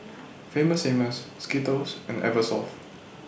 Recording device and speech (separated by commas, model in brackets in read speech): boundary microphone (BM630), read sentence